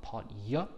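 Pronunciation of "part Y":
'Party' is pronounced incorrectly here: the end sounds like 'part Y' instead of ending in a sharp E.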